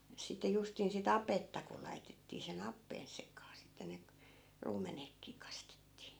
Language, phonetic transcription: Finnish, sit̆te 'justin si"t ‿apetta ku 'laitettii se'n ‿appeen 'sekaa 'sitte ne k- , 'ruumenekkii 'kastettii .
- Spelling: sitten justiin sitä apetta kun laitettiin sen appeen sekaan sitten ne - ruumenetkin kastettiin

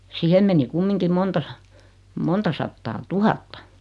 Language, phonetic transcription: Finnish, 'sihem meni 'kummiŋkim 'monta sᴀ- , 'monta sattaa "tuhatta .
- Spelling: siihen meni kumminkin monta - monta sataa tuhatta

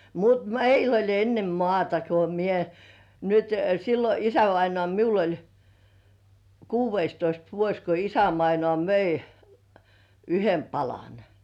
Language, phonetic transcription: Finnish, mut 'meil ‿oĺ enne "mŏàta ko mie , nyt , sillo "isävainŏà 'miul ‿oĺ , "kuuv̆§veistoist 'vuoś ko 'isävainŏà möi , "yhem 'palan .
- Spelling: mutta meillä oli ennen maata kun minä nyt silloin isävainaa minulla oli kuudestoista vuosi kun isävainaa myi yhden palan

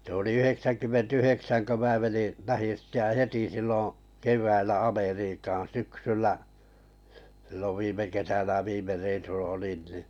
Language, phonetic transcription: Finnish, se ‿oli ‿ ‿'yheksänkymmen"t ‿yheksän kö 'mää meni , 'lähin̬ sitte ja "heti silloo̰ , 'kev̀äillä "Ameriikan "syksyllä , s̬illov 'viime 'kesänä viime reisulla 'olin nì .
- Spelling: se oli yhdeksänkymmentä yhdeksän kun minä menin lähdin sitten ja heti silloin keväällä Amerikkaan syksyllä silloin viime kesänä viime reissulla olin niin

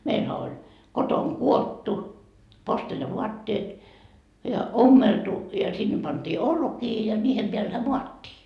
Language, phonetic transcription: Finnish, meilhä oĺ , 'kotoŋ"kuottu , 'posteljavuatteet , ja 'ommeltu , ja sinne panDii "olkii ja 'niihem peälhä "muattii .
- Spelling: meillähän oli kotonakudottu posteljavaatteet ja ommeltu ja sinne pantiin olkia ja niiden päällähän maattiin

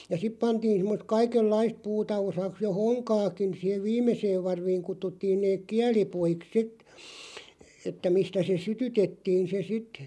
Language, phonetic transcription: Finnish, ja 'sip 'pantiin sⁱmmost "kaikellaist 'puuta 'osaks jo "hoŋkaakin 'siihev "viimeseev 'varviiŋ 'kuttuttiin neeᵏ "kiäli'puiks 'sit , että 'mistä se "sytytettiin se 'sit .
- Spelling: ja sitten pantiin semmoista kaikenlaista puuta osaksi jo honkaakin siihen viimeiseen varviin kutsuttiin ne kielipuiksi sitten että mistä se sytytettiin se sitten

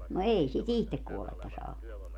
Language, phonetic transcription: Finnish, no 'ei si"t ‿ihtek kuolletta saa (ottaa) .
- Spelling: no ei sitä itse kuollutta saa ottaa

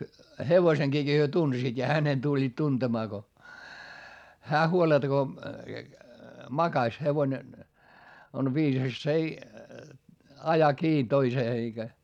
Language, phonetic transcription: Finnish, hevoⁱseŋGiiki hyö tunsiit ja hänen tuĺĺiit tuntemaa ko , hää huoletᵃ ko , makaś - hevone , on viisas s ‿ei , aja kii toisee eikä .
- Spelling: hevosen he tunsivat ja hänen tulivat tuntemaan kun hän huoletta kun makasi hevonen on viisas se ei aja kiinni toiseen eikä

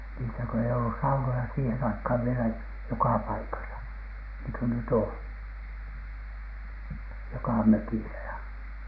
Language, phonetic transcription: Finnish, niisä kö ei olLus 'saunoja siihen aikhàv vielä "joka "paikasa , niŋky "nyt ‿òn , 'jokà 'mökisä ja .
- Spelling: niissä kun ei ollut saunoja siihen aikaan vielä joka paikassa niin kuin nyt on joka mökissä ja

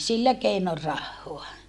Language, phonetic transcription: Finnish, sillä keinor rahhoa .
- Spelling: sillä keinoin rahaa

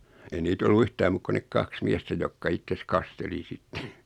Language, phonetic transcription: Finnish, ei 'niit ‿ollu 'yhtääm "muuk kun 'nek "kaks 'miɛstä jokka 'ittes "kasteli 'sitte .
- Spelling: ei niitä ollut yhtään muuta kuin ne kaksi miestä jotka itsensä kasteli sitten

